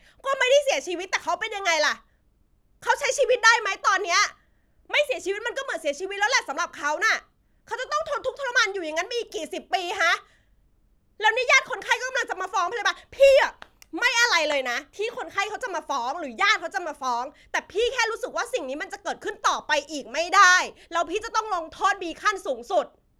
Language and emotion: Thai, angry